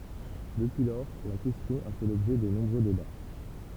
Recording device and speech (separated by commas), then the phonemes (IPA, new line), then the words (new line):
temple vibration pickup, read sentence
dəpyi lɔʁ la kɛstjɔ̃ a fɛ lɔbʒɛ də nɔ̃bʁø deba
Depuis lors, la question a fait l'objet de nombreux débats.